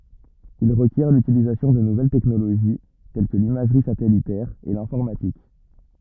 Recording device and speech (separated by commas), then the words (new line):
rigid in-ear microphone, read sentence
Il requiert l’utilisation de nouvelles technologies, telles que l’imagerie satellitaire et l'informatique.